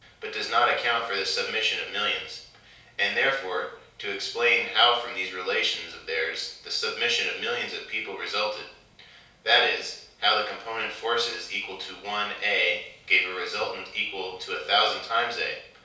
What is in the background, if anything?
Nothing.